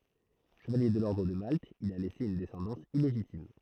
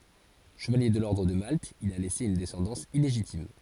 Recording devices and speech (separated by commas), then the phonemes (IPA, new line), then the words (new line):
throat microphone, forehead accelerometer, read sentence
ʃəvalje də lɔʁdʁ də malt il a lɛse yn dɛsɑ̃dɑ̃s ileʒitim
Chevalier de l’Ordre de Malte, il a laissé une descendance illégitime.